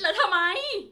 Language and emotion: Thai, angry